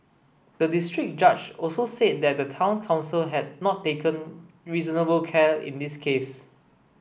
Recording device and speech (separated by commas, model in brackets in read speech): boundary microphone (BM630), read sentence